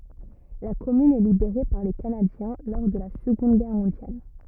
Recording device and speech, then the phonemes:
rigid in-ear microphone, read sentence
la kɔmyn ɛ libeʁe paʁ le kanadjɛ̃ lɔʁ də la səɡɔ̃d ɡɛʁ mɔ̃djal

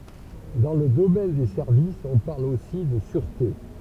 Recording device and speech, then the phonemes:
temple vibration pickup, read sentence
dɑ̃ lə domɛn de sɛʁvisz ɔ̃ paʁl osi də syʁte

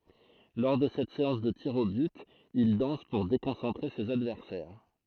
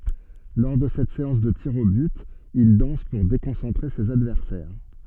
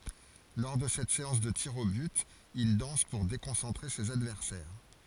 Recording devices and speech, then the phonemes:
throat microphone, soft in-ear microphone, forehead accelerometer, read sentence
lɔʁ də sɛt seɑ̃s də tiʁz o byt il dɑ̃s puʁ dekɔ̃sɑ̃tʁe sez advɛʁsɛʁ

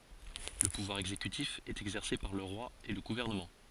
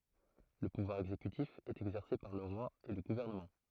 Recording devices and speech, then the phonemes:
forehead accelerometer, throat microphone, read sentence
lə puvwaʁ ɛɡzekytif ɛt ɛɡzɛʁse paʁ lə ʁwa e lə ɡuvɛʁnəmɑ̃

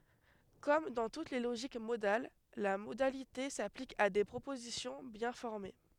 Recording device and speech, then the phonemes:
headset microphone, read sentence
kɔm dɑ̃ tut le loʒik modal la modalite saplik a de pʁopozisjɔ̃ bjɛ̃ fɔʁme

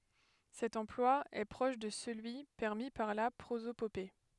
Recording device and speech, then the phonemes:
headset microphone, read sentence
sɛt ɑ̃plwa ɛ pʁɔʃ də səlyi pɛʁmi paʁ la pʁozopope

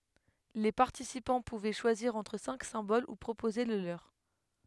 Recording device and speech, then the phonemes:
headset microphone, read sentence
le paʁtisipɑ̃ puvɛ ʃwaziʁ ɑ̃tʁ sɛ̃k sɛ̃bol u pʁopoze lə løʁ

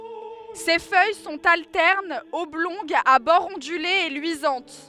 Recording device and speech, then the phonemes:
headset microphone, read sentence
se fœj sɔ̃t altɛʁnz ɔblɔ̃ɡz a bɔʁz ɔ̃dylez e lyizɑ̃t

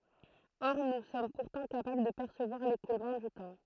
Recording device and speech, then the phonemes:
throat microphone, read sentence
ɔʁ nu sɔm puʁtɑ̃ kapabl də pɛʁsəvwaʁ lekulmɑ̃ dy tɑ̃

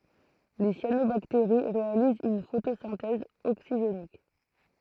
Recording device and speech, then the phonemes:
throat microphone, read sentence
le sjanobakteʁi ʁealizt yn fotosɛ̃tɛz oksiʒenik

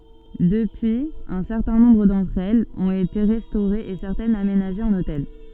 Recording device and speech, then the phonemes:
soft in-ear microphone, read sentence
dəpyiz œ̃ sɛʁtɛ̃ nɔ̃bʁ dɑ̃tʁ ɛlz ɔ̃t ete ʁɛstoʁez e sɛʁtɛnz amenaʒez ɑ̃n otɛl

